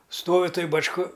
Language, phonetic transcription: Lithuanian, ˈstovi ˈtoj bačˈka

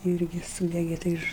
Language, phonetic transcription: Lithuanian, ˈirgi ˈsūdege tai ˈiš

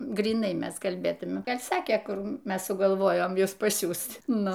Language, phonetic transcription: Lithuanian, gryˈnai ˈmes kalˈbėtume ˈgal' ˈsakė ˈkur ˈmes sugalˈvojom ˈjus paˈsiųst ˈnu

